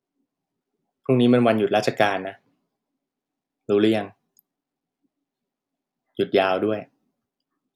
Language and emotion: Thai, neutral